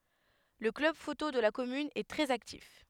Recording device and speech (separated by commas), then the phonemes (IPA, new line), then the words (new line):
headset microphone, read sentence
lə klœb foto də la kɔmyn ɛ tʁɛz aktif
Le club photo de la commune est très actif.